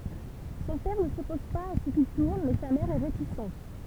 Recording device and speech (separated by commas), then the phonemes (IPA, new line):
temple vibration pickup, read sentence
sɔ̃ pɛʁ nə sɔpɔz paz a sə kil tuʁn mɛ sa mɛʁ ɛ ʁetisɑ̃t